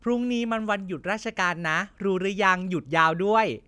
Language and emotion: Thai, happy